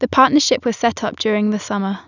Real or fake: real